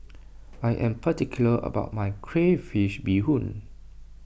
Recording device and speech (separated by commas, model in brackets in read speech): boundary microphone (BM630), read sentence